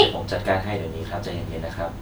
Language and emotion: Thai, neutral